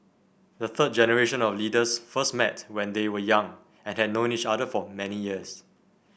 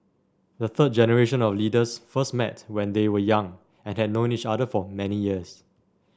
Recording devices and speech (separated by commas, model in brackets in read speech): boundary microphone (BM630), standing microphone (AKG C214), read sentence